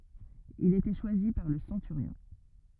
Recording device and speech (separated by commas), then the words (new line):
rigid in-ear microphone, read sentence
Il était choisi par le centurion.